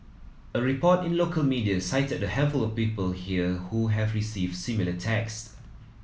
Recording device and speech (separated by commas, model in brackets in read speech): mobile phone (iPhone 7), read sentence